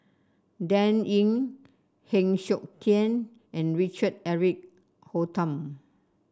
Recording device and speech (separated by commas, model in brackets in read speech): standing microphone (AKG C214), read sentence